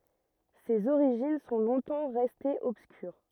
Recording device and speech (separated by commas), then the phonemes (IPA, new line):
rigid in-ear microphone, read sentence
sez oʁiʒin sɔ̃ lɔ̃tɑ̃ ʁɛstez ɔbskyʁ